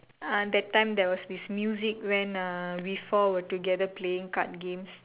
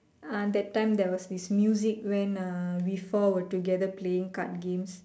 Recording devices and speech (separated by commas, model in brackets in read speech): telephone, standing microphone, conversation in separate rooms